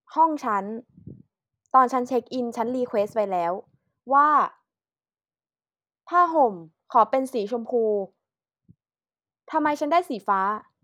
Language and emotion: Thai, frustrated